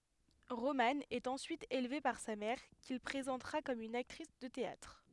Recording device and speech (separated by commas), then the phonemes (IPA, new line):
headset microphone, read sentence
ʁomɑ̃ ɛt ɑ̃syit elve paʁ sa mɛʁ kil pʁezɑ̃tʁa kɔm yn aktʁis də teatʁ